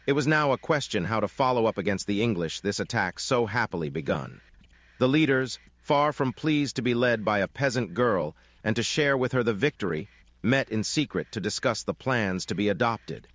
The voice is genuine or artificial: artificial